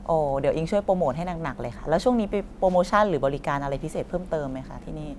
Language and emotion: Thai, neutral